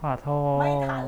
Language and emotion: Thai, sad